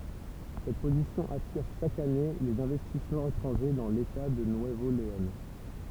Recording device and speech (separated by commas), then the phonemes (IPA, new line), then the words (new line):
temple vibration pickup, read sentence
sɛt pozisjɔ̃ atiʁ ʃak ane lez ɛ̃vɛstismɑ̃z etʁɑ̃ʒe dɑ̃ leta də nyəvo leɔ̃
Cette position attire chaque année les investissements étrangers dans l'État de Nuevo Léon.